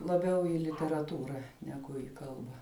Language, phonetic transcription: Lithuanian, laˈbiau i literaˈtūra neˈgu į ˈkalba

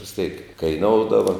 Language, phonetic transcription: Lithuanian, vis tėk kaiˈnoudava

